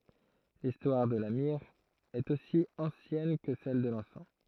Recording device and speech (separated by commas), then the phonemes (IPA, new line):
throat microphone, read sentence
listwaʁ də la miʁ ɛt osi ɑ̃sjɛn kə sɛl də lɑ̃sɑ̃